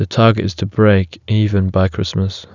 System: none